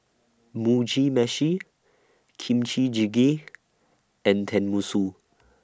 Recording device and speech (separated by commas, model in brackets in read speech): standing microphone (AKG C214), read sentence